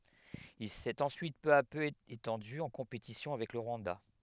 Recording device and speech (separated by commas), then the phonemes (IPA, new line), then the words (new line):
headset microphone, read sentence
il sɛt ɑ̃syit pø a pø etɑ̃dy ɑ̃ kɔ̃petisjɔ̃ avɛk lə ʁwɑ̃da
Il s'est ensuite peu à peu étendu, en compétition avec le Rwanda.